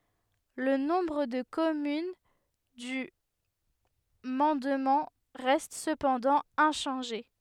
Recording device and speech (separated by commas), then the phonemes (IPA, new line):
headset microphone, read sentence
lə nɔ̃bʁ də kɔmyn dy mɑ̃dmɑ̃ ʁɛst səpɑ̃dɑ̃ ɛ̃ʃɑ̃ʒe